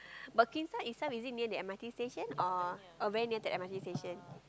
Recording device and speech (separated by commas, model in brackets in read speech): close-talking microphone, conversation in the same room